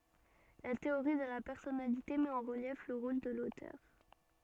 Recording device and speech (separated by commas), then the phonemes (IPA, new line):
soft in-ear microphone, read sentence
la teoʁi də la pɛʁsɔnalite mɛt ɑ̃ ʁəljɛf lə ʁol də lotœʁ